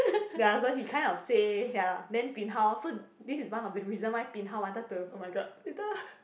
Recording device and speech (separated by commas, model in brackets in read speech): boundary microphone, conversation in the same room